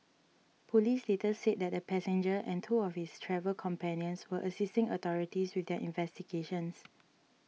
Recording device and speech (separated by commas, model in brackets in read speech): mobile phone (iPhone 6), read sentence